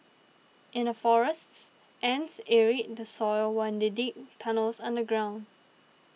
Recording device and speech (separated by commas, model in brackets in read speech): mobile phone (iPhone 6), read sentence